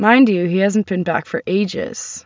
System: none